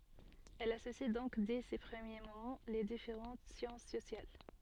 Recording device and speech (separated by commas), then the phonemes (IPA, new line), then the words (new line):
soft in-ear microphone, read sentence
ɛl asosi dɔ̃k dɛ se pʁəmje momɑ̃ le difeʁɑ̃t sjɑ̃s sosjal
Elle associe donc dès ses premiers moments les différentes sciences sociales.